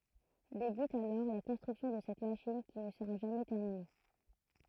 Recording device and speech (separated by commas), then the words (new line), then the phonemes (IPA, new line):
throat microphone, read sentence
Débute alors la construction de cette machine qui ne sera jamais terminée.
debyt alɔʁ la kɔ̃stʁyksjɔ̃ də sɛt maʃin ki nə səʁa ʒamɛ tɛʁmine